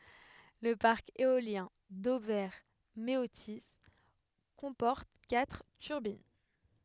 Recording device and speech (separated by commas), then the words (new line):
headset microphone, read sentence
Le parc éolien d'Auvers-Méautis comporte quatre turbines.